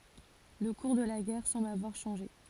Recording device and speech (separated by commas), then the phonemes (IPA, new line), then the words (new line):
forehead accelerometer, read sentence
lə kuʁ də la ɡɛʁ sɑ̃bl avwaʁ ʃɑ̃ʒe
Le cours de la guerre semble avoir changé.